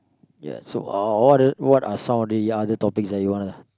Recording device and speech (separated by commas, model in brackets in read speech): close-talking microphone, conversation in the same room